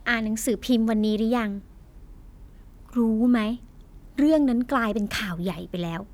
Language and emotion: Thai, frustrated